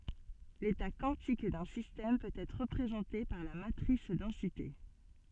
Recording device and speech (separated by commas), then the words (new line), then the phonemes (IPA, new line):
soft in-ear microphone, read sentence
L'état quantique d'un système peut être représenté par la matrice densité.
leta kwɑ̃tik dœ̃ sistɛm pøt ɛtʁ ʁəpʁezɑ̃te paʁ la matʁis dɑ̃site